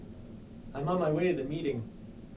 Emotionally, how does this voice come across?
neutral